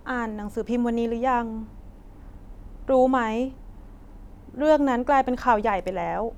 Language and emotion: Thai, frustrated